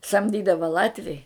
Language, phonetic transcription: Lithuanian, samˈdydava ˈlatviai

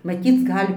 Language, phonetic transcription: Lithuanian, maˈtyc ˈgal'

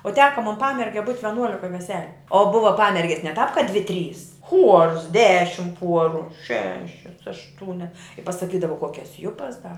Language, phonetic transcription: Lithuanian, o ˈteka mon ˈpamerge būt' veˈnuolika veˈseliu o ˈbuva ˈpamerges ne tāp ka dvi trys chuors ˈdešim ˈpuoru ˈšešias ašˈtūnias pasaˈkydava ˈkuokias ˈjupas da

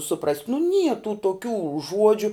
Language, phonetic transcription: Lithuanian, suˈprast' nu nie tų toˈkių ˈžuodžiu

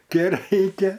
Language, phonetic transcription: Lithuanian, ˈke ˈraikia

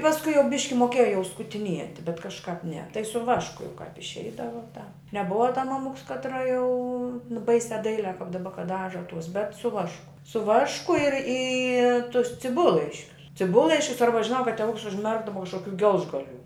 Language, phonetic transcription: Lithuanian, pasˈkui jau ˈbiški moˈkėja jau skutiˈnieti bet kažˈkāp ne tai su ˈvašku jau kāp išˈeidavo tā neˈbuva ta maˈmuks kaˈtra jau ˈbaisiā ˈdailiā kap daˈba kad ˈdaža tuos bet su ˈvašku su ˈvašku ir į tus ciˈbullaiškius ciˈbullaiškius ˈarba žiˈnau kad teˈvuks užˈmerkdava kažkoˈkių ˈgelžgaˌlių

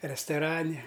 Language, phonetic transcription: Lithuanian, restoˈrane

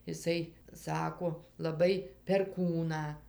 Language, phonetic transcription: Lithuanian, iˈsai ˈsako laˈbai perˈkūną

